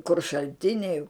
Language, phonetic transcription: Lithuanian, kur šalˈtiniai

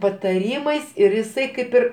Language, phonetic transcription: Lithuanian, pataˈrymais ir jiˈsai ˈkaip ir

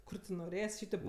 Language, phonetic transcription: Lithuanian, ˈkur ti noˈrės' ˈšytėp

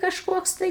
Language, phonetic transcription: Lithuanian, kažˈkoks tai

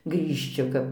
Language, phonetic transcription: Lithuanian, grįžˈči kap

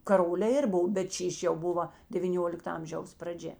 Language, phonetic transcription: Lithuanian, kaˈrolė ˈir ˈbov bet ˈšyš' jau ˈbuva devyˈniolikta ˈamžiaus praˈdžia

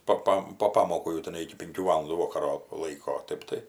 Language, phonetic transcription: Lithuanian, ˈpa ˈpam po ˈpamokų jau tiˈnai iki pinˈkių ˈvalandų ˈvokaro ˈlaiko o ˈtɜp tai

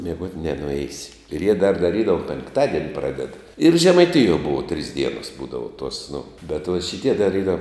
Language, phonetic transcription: Lithuanian, mieˈguot' nenuˈeisi ir jie dar daˈrydavu penkˈtadieni ˈpraded ir žemaiˈtijuo ˈbuvo trys ˈdienos ˈbūdavo tuos nu bet vot šiˈtie dar ˈyra

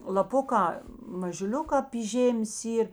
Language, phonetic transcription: Lithuanian, laˈpukā mažuˈliukā py ˈžėmės ˈyr

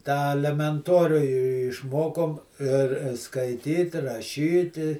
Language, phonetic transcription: Lithuanian, tą alemenˈtoriu i i išˈmokom ir skaiˈtyt raˈšyti

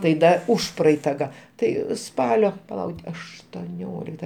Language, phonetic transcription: Lithuanian, tai ˈda ˈužpraeita ga ˈtai ˈspalio paˈlau aštoˈniolikta

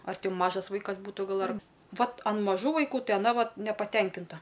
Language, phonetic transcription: Lithuanian, ar ˈti ˈmažas ˈvaikas ˈbūtu ˈgal ar ˈvat an maˈžų vaiˈkų ˈtai aˈna ˈvat nepaˈtenkinta

